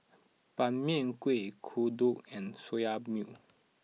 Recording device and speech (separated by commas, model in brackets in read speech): mobile phone (iPhone 6), read sentence